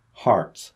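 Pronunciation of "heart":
'Heart' is said the American English way, with the R sound after the vowel pronounced, not dropped.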